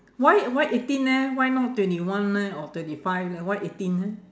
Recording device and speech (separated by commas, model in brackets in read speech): standing microphone, conversation in separate rooms